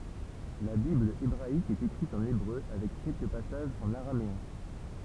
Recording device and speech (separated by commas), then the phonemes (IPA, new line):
temple vibration pickup, read sentence
la bibl ebʁaik ɛt ekʁit ɑ̃n ebʁø avɛk kɛlkə pasaʒz ɑ̃n aʁameɛ̃